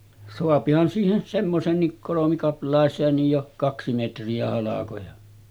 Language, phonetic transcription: Finnish, soapihan siihen , 'semmoseennik kolomikapl̀àeseennij jo , 'kaksi metri₍ä halakoja .
- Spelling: saahan siihen semmoiseenkin kolmikaplaiseenkin jo kaksi metriä halkoja

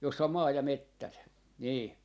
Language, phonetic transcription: Finnish, jossa om 'maa ja 'mettät , 'nii .
- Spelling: jossa on maa ja metsät niin

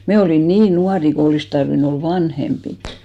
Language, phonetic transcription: Finnish, 'me olìn "niin 'nuari ko 'olis tarvi'n ‿ol "vanhempit .
- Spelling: me olimme niin nuoria kun olisi tarvinnut olla vanhempia

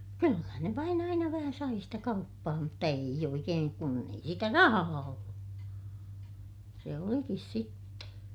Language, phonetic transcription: Finnish, kyllä ne vain ‿aina vähä sai sitä kauppaa mutta eij ‿oikeeŋ kun ‿ei sitä rahaa ollu , se olikis sitte .
- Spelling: kyllä ne vain aina vähän sai sitä kauppaa mutta ei oikein kun ei sitä rahaa ollut se olikin sitten

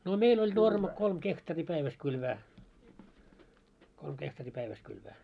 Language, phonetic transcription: Finnish, no 'meil oĺ 'norma 'kolm "kehtari 'päiväs kylvää , kolm kehtari 'päiväs kylvää .
- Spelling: no meillä oli normi kolme hehtaaria päivässä kylvää kolme hehtaari päivässä kylvää

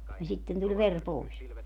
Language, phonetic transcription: Finnish, ja 'sitten tuĺ "ver 'pois .
- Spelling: ja sitten tuli veri pois

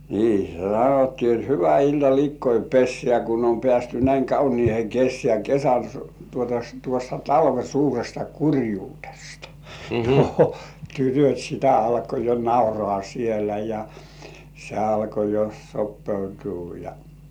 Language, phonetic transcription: Finnish, 'nii , se 'sanottii ot » "hyvä 'ilta "likkoi "pessĕä̀ kun om "pĕä̀sty 'näiŋ "kauniihe "kessĕä̀ , "kesän s- tuota tuosta "talve 'suuresta "kurjuut̳§esta , "tytöt̜ sitä 'alko jo "naurŏà siellä ja , 'se alko jo "soppeutuu ja .
- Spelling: niin se sanottiin jotta hyvä ilta likkojen pesään kun on päästy näin kauniiseen kesään kesän - tuota tuosta talven suuresta kurjuudesta tytöt sitä alkoi jo nauraa siellä ja se alkoi jo sopeutua ja

